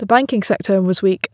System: none